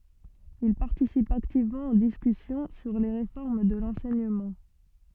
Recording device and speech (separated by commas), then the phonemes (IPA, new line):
soft in-ear microphone, read sentence
il paʁtisip aktivmɑ̃ o diskysjɔ̃ syʁ le ʁefɔʁm də lɑ̃sɛɲəmɑ̃